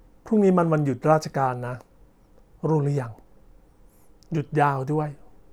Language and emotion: Thai, neutral